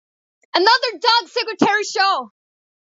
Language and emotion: English, happy